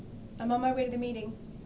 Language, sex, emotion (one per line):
English
female
neutral